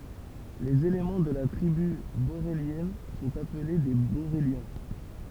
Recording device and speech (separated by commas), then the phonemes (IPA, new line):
temple vibration pickup, read sentence
lez elemɑ̃ də la tʁiby boʁeljɛn sɔ̃t aple de boʁeljɛ̃